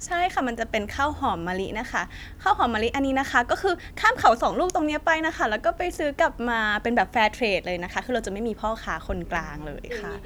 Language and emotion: Thai, happy